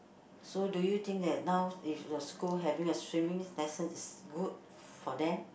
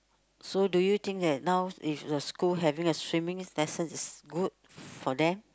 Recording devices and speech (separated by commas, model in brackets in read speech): boundary microphone, close-talking microphone, conversation in the same room